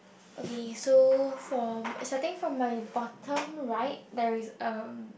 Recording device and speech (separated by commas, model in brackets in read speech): boundary microphone, conversation in the same room